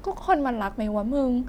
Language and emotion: Thai, frustrated